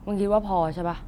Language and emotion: Thai, frustrated